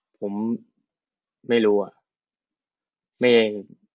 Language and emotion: Thai, frustrated